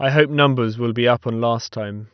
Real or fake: real